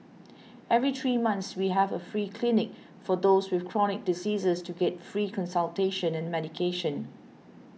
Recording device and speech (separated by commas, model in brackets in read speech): mobile phone (iPhone 6), read sentence